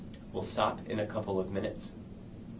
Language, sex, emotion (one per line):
English
male
neutral